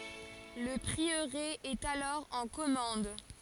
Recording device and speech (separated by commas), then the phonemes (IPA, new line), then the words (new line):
forehead accelerometer, read sentence
lə pʁiøʁe ɛt alɔʁ ɑ̃ kɔmɑ̃d
Le prieuré est alors en commende.